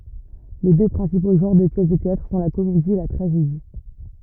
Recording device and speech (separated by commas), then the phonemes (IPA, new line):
rigid in-ear microphone, read sentence
le dø pʁɛ̃sipo ʒɑ̃ʁ də pjɛs də teatʁ sɔ̃ la komedi e la tʁaʒedi